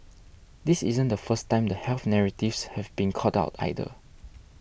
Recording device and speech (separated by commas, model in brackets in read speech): boundary microphone (BM630), read sentence